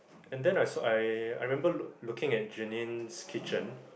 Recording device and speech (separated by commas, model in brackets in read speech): boundary microphone, conversation in the same room